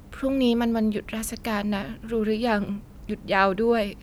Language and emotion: Thai, sad